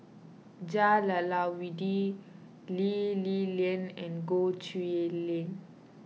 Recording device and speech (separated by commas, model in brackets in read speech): mobile phone (iPhone 6), read sentence